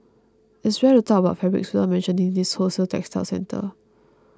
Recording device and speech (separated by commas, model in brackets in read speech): close-talking microphone (WH20), read sentence